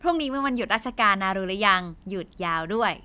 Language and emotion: Thai, happy